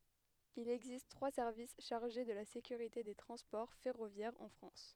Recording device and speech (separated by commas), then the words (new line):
headset microphone, read sentence
Il existe trois services chargés de la sécurité des transports ferroviaires en France.